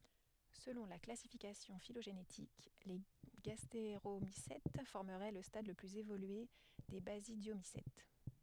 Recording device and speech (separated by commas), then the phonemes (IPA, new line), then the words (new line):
headset microphone, read sentence
səlɔ̃ la klasifikasjɔ̃ filoʒenetik le ɡasteʁomisɛt fɔʁməʁɛ lə stad lə plyz evolye de bazidjomisɛt
Selon la classification phylogénétique, les gastéromycètes formeraient le stade le plus évolué des basidiomycètes.